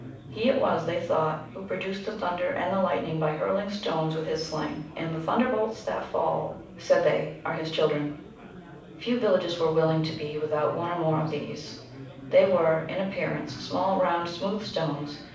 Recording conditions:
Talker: one person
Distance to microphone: 5.8 m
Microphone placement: far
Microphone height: 1.8 m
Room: medium-sized (5.7 m by 4.0 m)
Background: babble

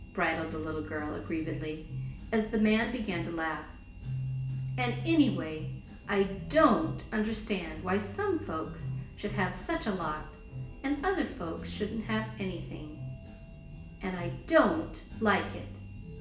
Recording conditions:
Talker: one person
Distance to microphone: 1.8 m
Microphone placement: close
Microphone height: 1.0 m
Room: large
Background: music

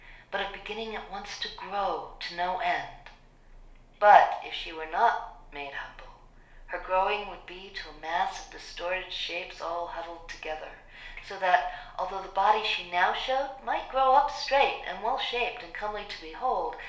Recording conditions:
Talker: one person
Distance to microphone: 1.0 m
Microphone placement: close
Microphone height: 1.1 m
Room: small (3.7 m by 2.7 m)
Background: none

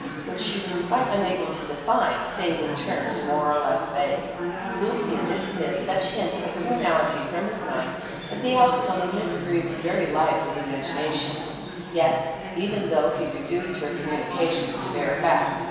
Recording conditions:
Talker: one person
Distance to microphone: 1.7 m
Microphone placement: close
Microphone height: 1.0 m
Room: very reverberant, large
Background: babble

